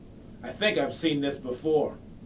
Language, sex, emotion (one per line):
English
male
disgusted